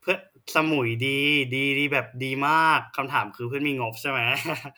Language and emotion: Thai, happy